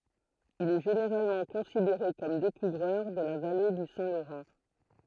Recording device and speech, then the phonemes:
throat microphone, read sentence
il ɛ ʒeneʁalmɑ̃ kɔ̃sideʁe kɔm dekuvʁœʁ də la vale dy sɛ̃ loʁɑ̃

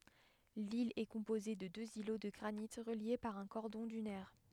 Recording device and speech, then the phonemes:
headset microphone, read sentence
lil ɛ kɔ̃poze də døz ilo də ɡʁanit ʁəlje paʁ œ̃ kɔʁdɔ̃ dynɛʁ

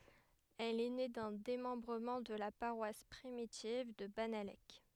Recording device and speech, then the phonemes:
headset microphone, read sentence
ɛl ɛ ne dœ̃ demɑ̃bʁəmɑ̃ də la paʁwas pʁimitiv də banalɛk

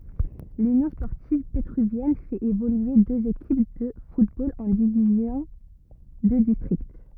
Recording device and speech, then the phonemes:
rigid in-ear microphone, read sentence
lynjɔ̃ spɔʁtiv petʁyvjɛn fɛt evolye døz ekip də futbol ɑ̃ divizjɔ̃ də distʁikt

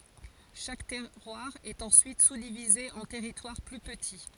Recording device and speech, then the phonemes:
forehead accelerometer, read sentence
ʃak tɛʁwaʁ ɛt ɑ̃syit suzdivize ɑ̃ tɛʁitwaʁ ply pəti

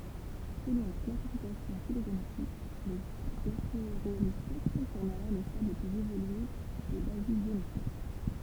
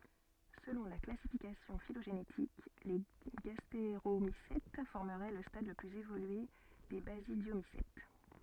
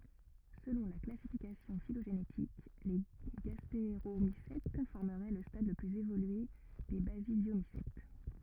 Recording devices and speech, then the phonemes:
temple vibration pickup, soft in-ear microphone, rigid in-ear microphone, read sentence
səlɔ̃ la klasifikasjɔ̃ filoʒenetik le ɡasteʁomisɛt fɔʁməʁɛ lə stad lə plyz evolye de bazidjomisɛt

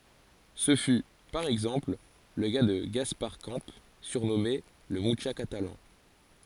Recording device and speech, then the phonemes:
forehead accelerometer, read sentence
sə fy paʁ ɛɡzɑ̃pl lə ka də ɡaspaʁ kɑ̃ syʁnɔme lə myʃa katalɑ̃

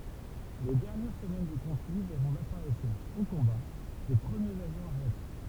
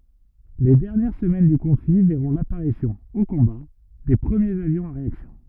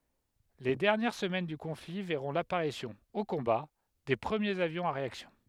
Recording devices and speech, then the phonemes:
temple vibration pickup, rigid in-ear microphone, headset microphone, read sentence
le dɛʁnjɛʁ səmɛn dy kɔ̃fli vɛʁɔ̃ lapaʁisjɔ̃ o kɔ̃ba de pʁəmjez avjɔ̃z a ʁeaksjɔ̃

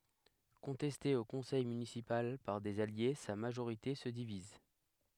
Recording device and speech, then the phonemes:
headset microphone, read sentence
kɔ̃tɛste o kɔ̃sɛj mynisipal paʁ dez alje sa maʒoʁite sə diviz

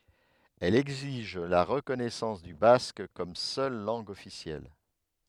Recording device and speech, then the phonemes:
headset microphone, read sentence
ɛl ɛɡziʒ la ʁəkɔnɛsɑ̃s dy bask kɔm sœl lɑ̃ɡ ɔfisjɛl

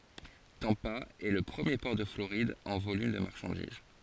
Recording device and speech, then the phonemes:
forehead accelerometer, read sentence
tɑ̃pa ɛ lə pʁəmje pɔʁ də floʁid ɑ̃ volym də maʁʃɑ̃diz

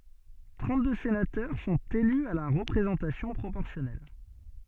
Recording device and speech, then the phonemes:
soft in-ear microphone, read sentence
tʁɑ̃tdø senatœʁ sɔ̃t ely a la ʁəpʁezɑ̃tasjɔ̃ pʁopɔʁsjɔnɛl

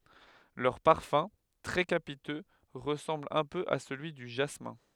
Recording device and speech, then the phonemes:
headset microphone, read sentence
lœʁ paʁfœ̃ tʁɛ kapitø ʁəsɑ̃bl œ̃ pø a səlyi dy ʒasmɛ̃

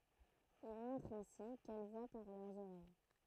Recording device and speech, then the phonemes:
throat microphone, read sentence
il mɔ̃tʁ ɛ̃si kɛl vwa paʁ lœʁz oʁɛj

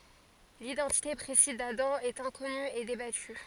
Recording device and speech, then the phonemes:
forehead accelerometer, read sentence
lidɑ̃tite pʁesiz dadɑ̃ ɛt ɛ̃kɔny e debaty

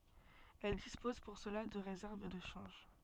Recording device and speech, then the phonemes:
soft in-ear microphone, read sentence
ɛl dispoz puʁ səla də ʁezɛʁv də ʃɑ̃ʒ

